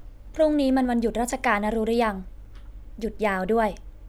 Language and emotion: Thai, neutral